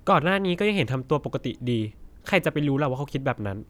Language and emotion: Thai, frustrated